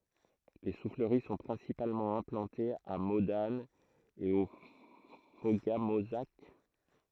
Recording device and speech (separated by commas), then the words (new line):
throat microphone, read sentence
Les souffleries sont principalement implantées à Modane et au Fauga-Mauzac.